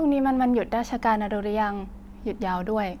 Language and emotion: Thai, neutral